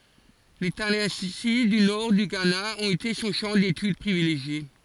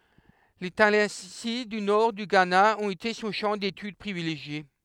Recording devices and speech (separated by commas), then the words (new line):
forehead accelerometer, headset microphone, read sentence
Les Tallensi du Nord du Ghana ont été son champ d'étude privilégié.